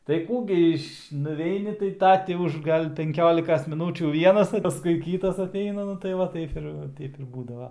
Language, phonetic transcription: Lithuanian, tai ˈkų gi iš nuˈveini tai ˈta ti ˈuž ˈgal' penˈkiolikas miˈnūčių ˈvienas pasˈkui ˈkytas aˈteina ˈnu tai ˈva ˈtaip ir ˈteip ˈbūdava

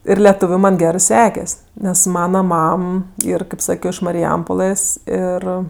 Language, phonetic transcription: Lithuanian, ir leˈtūviu ˈman' ˈgerɜ ˈsekes' nes ˈmana ˈmam ˈyr kaip ˈsakio iš mariˈjampolɘs ˈir

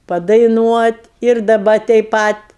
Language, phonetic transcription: Lithuanian, padaiˈnuot' ir daˈba teip ˈpat

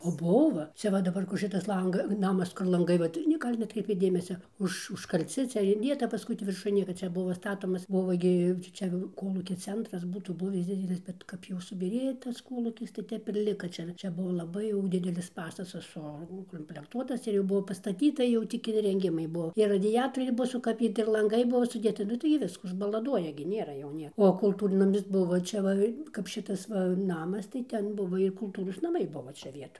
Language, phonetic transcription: Lithuanian, o ˈbuva ˈcia ˈva daˈbar kur ˈšitas ˈlang ˈnamas kur lanˈgai vat ˈne ˈgal' neˈatkreipėt ˈdėmesia ˈuž užkaˈlci ˈcia inˈdėta paˈskui tį virˈšuj ˈnieka ˈčia ˈbuvo ˈstatomas ˈbuvo gi ˈčia jau ˈkolūkia ˈcentras ˈbūtų ˈbuvis ˈdidelis bet ˈkap jau subyˈrėja tas ˈkolūkis tai ˈtep ir ˈlika ˈčia ir ˈčia ˈbuvo laˈbai jau ˈdidelis ˈpastatas sukomplekˈtuotas ir jau ˈbuvo pastaˈtyta jau ˈtik irenˈgimai ˈbuo ir radiˈjatoriai ˈbuo sukaˈbyti ir lanˈgai ˈbuvo suˈdėta ˈnu tai gi ˈvisku užbalaˈduoja gi ˈnėra jau ˈnė o kulˈtūrnamis ˈbuvo ˈčia va kap ˈšitas ˈva ˈnamas i ˈten ˈbuvo ir kulˈtūros naˈmai ˈbuva ˈčia ˈvietoj

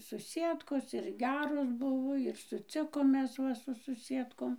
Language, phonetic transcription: Lithuanian, suˈsiedkos ir ˈgeros ˈbuvo ir suˈcikom ˈmes ˈva su suˈsiedkom

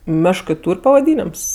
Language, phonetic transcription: Lithuanian, ˈmeškɜ ˈtūr' pavaˈdynems

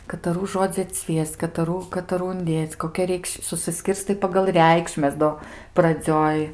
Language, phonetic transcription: Lithuanian, kataˈrų ˈžodzi atˈsvies'c' kataˈrų kataˈrų unˈdėc' koˈkia ˈreikš susiˈskirstai pagal ˈreikšmes ˈdo praˈdzioj

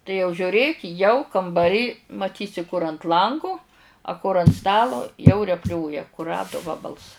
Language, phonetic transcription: Lithuanian, tai jau žiuˈrėk 'jau kambaˈry maˈtysi kur ant ˈlangu a kur ant ˈstalo jau repˈlioja kuˈradu ˈvabals

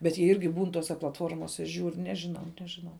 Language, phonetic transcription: Lithuanian, bet jie ˈirgi ˈbūn ˈtose platˈformose ˈžiūr ˈnežiˌnau ˈnežiˌnau

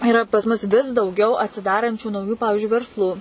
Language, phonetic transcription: Lithuanian, iˈra pas ˈmus vis dauˈgiau atsiˈdarančių nauˈjų ˈpavižiui versˈlų

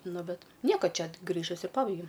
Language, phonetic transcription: Lithuanian, ˈnu ˈbet ˈnieko ˈčia ˈgrįžusi ˈpabaigiau

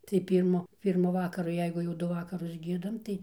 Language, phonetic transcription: Lithuanian, tai ˈpyrmu ˈpyrmu ˈvakaru ˈjeigu jau ˈdu ˈvakarus ˈgiedam tai

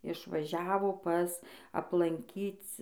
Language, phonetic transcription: Lithuanian, išvaˈžiavo ˈpas aplanˈkyc

